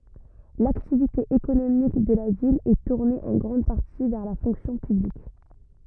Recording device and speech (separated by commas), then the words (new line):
rigid in-ear microphone, read sentence
L'activité économique de la ville est tournée en grande partie vers la fonction publique.